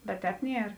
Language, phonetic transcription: Lithuanian, bet ˈtēp ˈnier

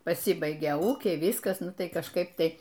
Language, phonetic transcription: Lithuanian, paˈsibaigia ˈūkiai ˈvyskas ˈnu ˈtai kažˈkaip ˈtai

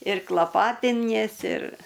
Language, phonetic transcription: Lithuanian, ir klaˈpatiniesi ir

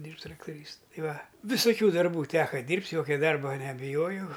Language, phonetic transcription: Lithuanian, ˈdyrbt' traktoˈrys ˈtai ˈva visoˈkių darˈbų ˈteka ˈdyrbt' ˈjokia ˈdarba nebiˈjojau

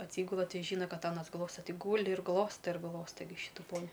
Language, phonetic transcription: Lithuanian, atˈsygula ˈti ˈžyna ˈkad ˈanas ˈglosta ˈti ˈgūli ir ˈglosta ir ˈglosta gi ˈšytu ˈponi

